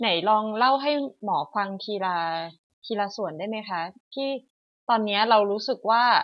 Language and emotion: Thai, neutral